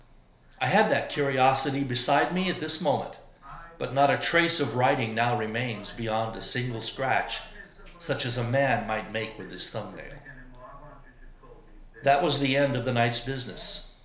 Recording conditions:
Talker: one person; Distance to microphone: 1.0 m; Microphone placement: close; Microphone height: 1.1 m; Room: small (3.7 m by 2.7 m); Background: television

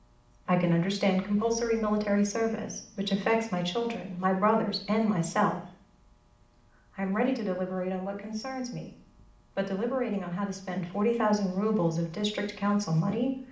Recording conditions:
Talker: one person; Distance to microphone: 2.0 m; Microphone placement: close; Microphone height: 99 cm; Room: medium-sized (5.7 m by 4.0 m); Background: none

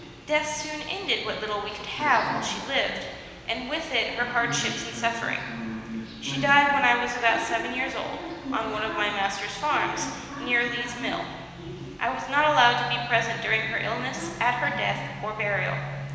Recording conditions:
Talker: one person; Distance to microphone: 1.7 m; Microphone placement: close; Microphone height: 1.0 m; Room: very reverberant, large; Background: television

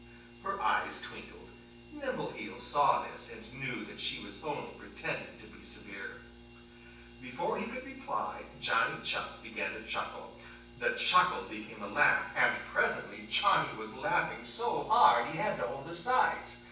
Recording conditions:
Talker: one person; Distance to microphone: 9.8 m; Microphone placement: far; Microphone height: 1.8 m; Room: large; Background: none

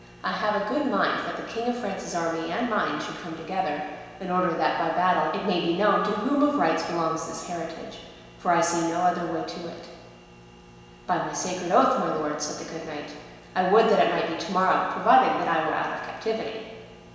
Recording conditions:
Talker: one person; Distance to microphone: 1.7 m; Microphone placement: close; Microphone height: 1.0 m; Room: very reverberant, large; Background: none

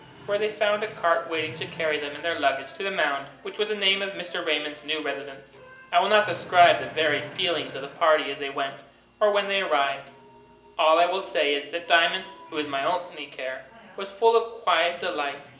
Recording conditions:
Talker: one person; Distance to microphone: 1.8 m; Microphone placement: close; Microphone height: 1.0 m; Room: large; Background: television

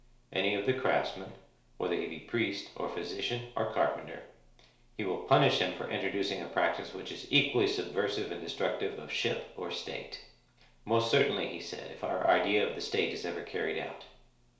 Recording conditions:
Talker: one person; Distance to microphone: 1.0 m; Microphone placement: close; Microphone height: 1.1 m; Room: small (3.7 m by 2.7 m); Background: none

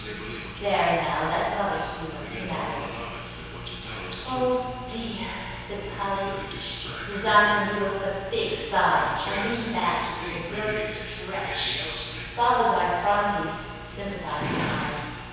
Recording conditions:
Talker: one person; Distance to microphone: 7.1 m; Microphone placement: far; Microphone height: 1.7 m; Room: very reverberant, large; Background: television

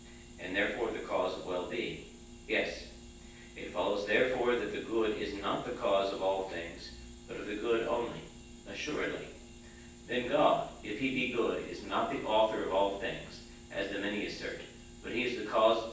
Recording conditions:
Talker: one person; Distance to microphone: 9.8 m; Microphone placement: far; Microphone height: 1.8 m; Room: large; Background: none

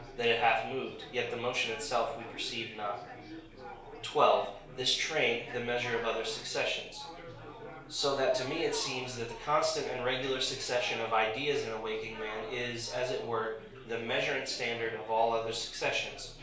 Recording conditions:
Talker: one person; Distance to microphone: 1.0 m; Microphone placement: close; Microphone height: 1.1 m; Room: small (3.7 m by 2.7 m); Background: babble

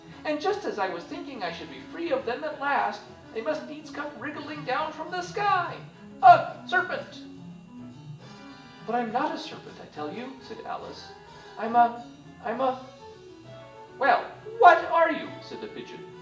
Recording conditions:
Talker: one person; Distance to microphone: 1.8 m; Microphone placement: close; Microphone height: 1.0 m; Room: large; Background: music

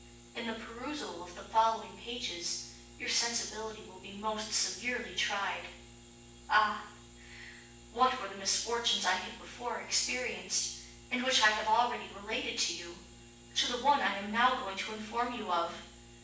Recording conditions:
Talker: one person; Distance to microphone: 9.8 m; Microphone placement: far; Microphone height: 1.8 m; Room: large; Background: none

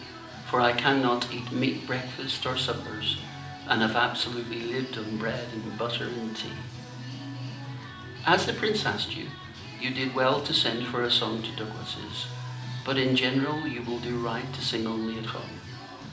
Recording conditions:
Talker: one person; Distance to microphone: 2.0 m; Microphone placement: close; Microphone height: 99 cm; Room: medium-sized (5.7 m by 4.0 m); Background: music

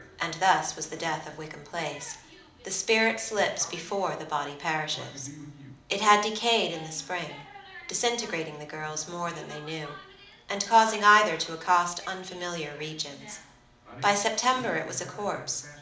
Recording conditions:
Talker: one person; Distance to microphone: 2.0 m; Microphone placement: close; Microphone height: 99 cm; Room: medium-sized (5.7 m by 4.0 m); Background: television

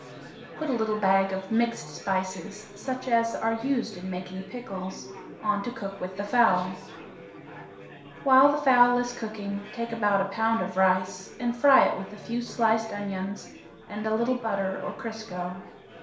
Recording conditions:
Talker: one person; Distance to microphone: 1.0 m; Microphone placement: close; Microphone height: 1.1 m; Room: small (3.7 m by 2.7 m); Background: babble

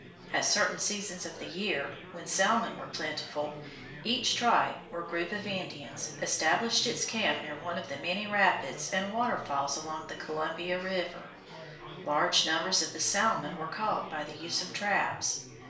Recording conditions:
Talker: one person; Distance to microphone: 1.0 m; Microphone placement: close; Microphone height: 1.1 m; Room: small (3.7 m by 2.7 m); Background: babble

